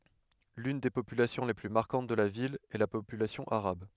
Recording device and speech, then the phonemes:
headset microphone, read sentence
lyn de popylasjɔ̃ le ply maʁkɑ̃t də la vil ɛ la popylasjɔ̃ aʁab

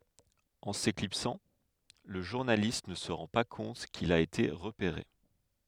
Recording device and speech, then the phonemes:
headset microphone, read sentence
ɑ̃ seklipsɑ̃ lə ʒuʁnalist nə sə ʁɑ̃ pa kɔ̃t kil a ete ʁəpeʁe

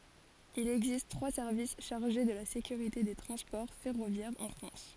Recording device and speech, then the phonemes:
forehead accelerometer, read sentence
il ɛɡzist tʁwa sɛʁvis ʃaʁʒe də la sekyʁite de tʁɑ̃spɔʁ fɛʁovjɛʁz ɑ̃ fʁɑ̃s

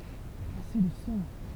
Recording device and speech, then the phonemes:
temple vibration pickup, read sentence
ase də sɑ̃

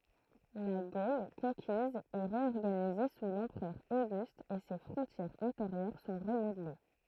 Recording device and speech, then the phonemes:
throat microphone, read sentence
la ɡol kɔ̃kiz ɛ ʁeɔʁɡanize su lɑ̃pʁœʁ oɡyst e se fʁɔ̃tjɛʁz ɛ̃teʁjœʁ sɔ̃ ʁəmodle

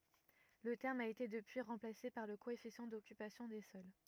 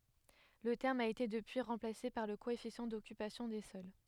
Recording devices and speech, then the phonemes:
rigid in-ear microphone, headset microphone, read sentence
lə tɛʁm a ete dəpyi ʁɑ̃plase paʁ lə koɛfisjɑ̃ dɔkypasjɔ̃ de sɔl

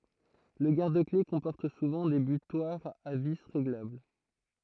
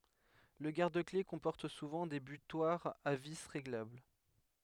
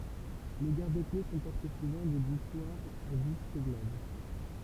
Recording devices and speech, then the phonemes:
throat microphone, headset microphone, temple vibration pickup, read sentence
lə ɡaʁdəkle kɔ̃pɔʁt suvɑ̃ de bytwaʁz a vi ʁeɡlabl

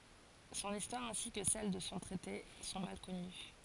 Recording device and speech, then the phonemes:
forehead accelerometer, read sentence
sɔ̃n istwaʁ ɛ̃si kə sɛl də sɔ̃ tʁɛte sɔ̃ mal kɔny

